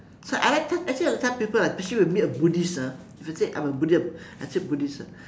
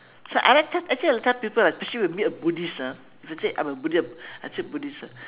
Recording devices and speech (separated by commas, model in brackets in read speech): standing microphone, telephone, conversation in separate rooms